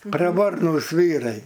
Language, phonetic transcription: Lithuanian, praˈvarnūs ˈvyrai

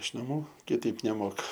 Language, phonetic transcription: Lithuanian, iš naˈmų kiˈtaip neˈmoka

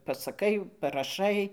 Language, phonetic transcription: Lithuanian, pasaˈkai paraˈšai

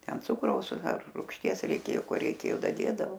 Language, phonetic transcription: Lithuanian, ˈten ˈcukraus ar rūgšˈties reiˈkėjo ˈko reiˈkėjo daˈdėdavo

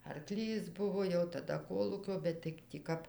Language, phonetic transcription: Lithuanian, arˈklys ˈbuvo jau taˈda ˈkolūkio ˈbet tai tį ˈkap

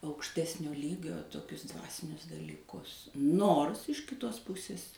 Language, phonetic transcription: Lithuanian, aukšˈtesnio ˈlygio toˈkius ˈdvasinius dalyˈkus ˈnors iš kiˈtos ˈpusis

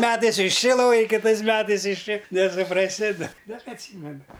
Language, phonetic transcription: Lithuanian, ˈmetais iš ˈči ˈloj kiˈtais ˈmetais iš ˈči nesupraˈsi da bet atˈsymenu

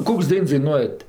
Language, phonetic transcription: Lithuanian, ˈkoks ˈdains daiˈnuojat

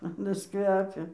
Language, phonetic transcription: Lithuanian, aˈnas ˈkvepia

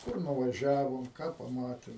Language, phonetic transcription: Lithuanian, ˈkur nuvaˈžiavom ˈką paˈmatim

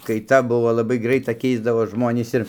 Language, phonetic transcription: Lithuanian, kaiˈta ˈbuvo laˈbai ˈgraita ˈkeisdavos ˈžmonys ir

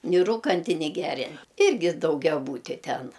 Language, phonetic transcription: Lithuanian, ni ˈrūkanti ni ˈgerian ˈirgi daugiaˈbūti ˈten

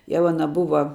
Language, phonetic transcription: Lithuanian, ˈjau aˈna ˈbuva

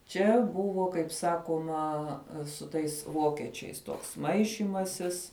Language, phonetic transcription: Lithuanian, ˈčia ˈbuvo kaip ˈsakuoma su ˈtais ˈvokečiais toks ˈmaišymasis

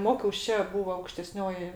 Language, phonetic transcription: Lithuanian, ˈmokiaus ˈčia ˈbūvo aukšteˈsnioji

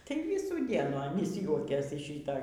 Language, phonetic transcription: Lithuanian, tai ˈvysų ˈdienų aˈnys ˈjuokės iš ˈšyto

